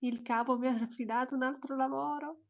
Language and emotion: Italian, happy